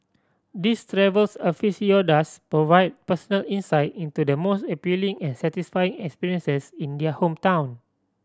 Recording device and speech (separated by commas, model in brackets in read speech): standing microphone (AKG C214), read sentence